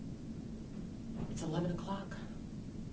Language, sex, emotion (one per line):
English
female
neutral